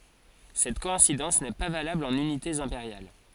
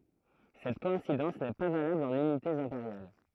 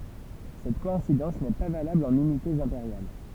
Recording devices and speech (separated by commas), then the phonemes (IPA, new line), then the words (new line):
forehead accelerometer, throat microphone, temple vibration pickup, read sentence
sɛt kɔɛ̃sidɑ̃s nɛ pa valabl ɑ̃n ynitez ɛ̃peʁjal
Cette coïncidence n'est pas valable en unités impériales.